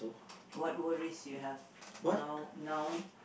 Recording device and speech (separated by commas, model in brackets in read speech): boundary microphone, conversation in the same room